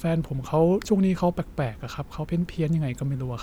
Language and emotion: Thai, neutral